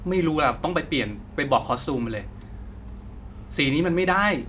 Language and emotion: Thai, frustrated